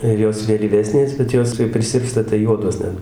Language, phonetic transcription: Lithuanian, ir ˈjos vėlyˈvesnės bet ˈjos kai priˈsirpsta tai ˈjuodos ˈnet

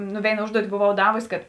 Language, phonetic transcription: Lithuanian, ˈnu ˈvėina ˈužduoti boˈvau ˈdavusi kad

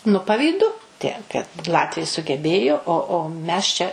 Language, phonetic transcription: Lithuanian, nu pavyˈdu ˈtiek kad ˈlatviai sugeˈbėjo o o ˈmes čia

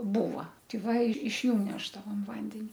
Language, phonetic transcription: Lithuanian, ˈbūva tei ˈva iš ˈjų ˈnešdavom ˈvandeni

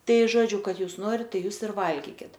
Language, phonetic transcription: Lithuanian, ˈtai ˈžodžiu ˈkad ˈjūs ˈnorit ˈtai ˈjūs ir ˈvalgykit

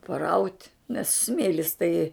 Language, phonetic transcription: Lithuanian, paˈraut' nes ˈsmėlis tai

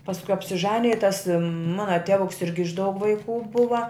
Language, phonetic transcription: Lithuanian, pasˈku apsiˈžanija i tas ˈmana ˈtevuks ˈirgi iš daug vaiˈkų ˈbuva

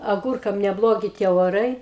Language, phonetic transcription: Lithuanian, aˈgurkam neˈblogi tie oˈrai

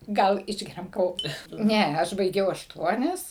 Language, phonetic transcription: Lithuanian, ˈgal ˈišgeriam kaˈvo ˈne ˈaš baiˈgiau ašˈtuonias

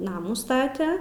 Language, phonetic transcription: Lithuanian, ˈnamų ˈstate

